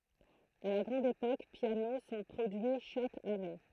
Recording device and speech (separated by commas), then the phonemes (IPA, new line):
throat microphone, read sentence
a la ɡʁɑ̃d epok pjano sɔ̃ pʁodyi ʃak ane